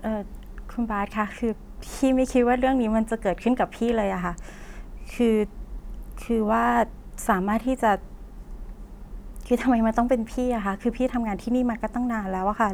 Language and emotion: Thai, sad